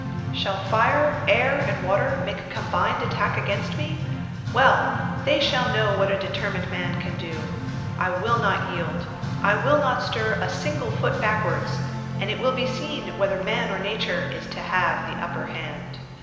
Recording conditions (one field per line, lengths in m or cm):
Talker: one person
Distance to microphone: 1.7 m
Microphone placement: close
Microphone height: 1.0 m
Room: very reverberant, large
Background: music